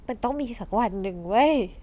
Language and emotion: Thai, happy